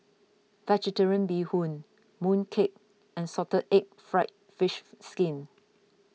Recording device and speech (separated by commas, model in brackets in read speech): mobile phone (iPhone 6), read sentence